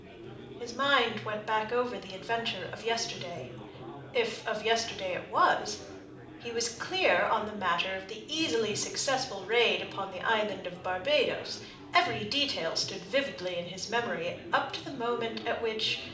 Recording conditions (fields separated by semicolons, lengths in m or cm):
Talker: one person; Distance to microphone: 2.0 m; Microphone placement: close; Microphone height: 99 cm; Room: medium-sized (5.7 m by 4.0 m); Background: babble